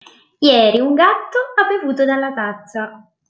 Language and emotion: Italian, happy